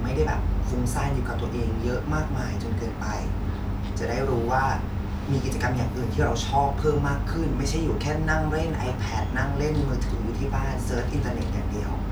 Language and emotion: Thai, frustrated